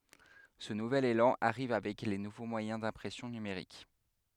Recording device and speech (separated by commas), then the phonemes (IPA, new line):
headset microphone, read sentence
sə nuvɛl elɑ̃ aʁiv avɛk le nuvo mwajɛ̃ dɛ̃pʁɛsjɔ̃ nymeʁik